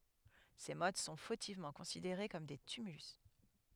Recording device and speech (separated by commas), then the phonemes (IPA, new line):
headset microphone, read sentence
se mɔt sɔ̃ fotivmɑ̃ kɔ̃sideʁe kɔm de tymylys